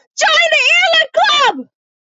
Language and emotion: English, fearful